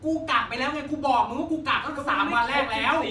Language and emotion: Thai, angry